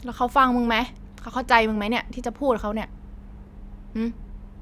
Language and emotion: Thai, frustrated